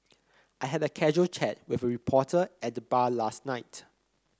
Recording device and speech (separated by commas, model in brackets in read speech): close-talking microphone (WH30), read sentence